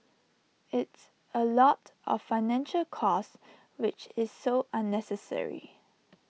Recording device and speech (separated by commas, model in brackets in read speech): mobile phone (iPhone 6), read sentence